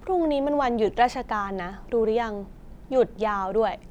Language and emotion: Thai, frustrated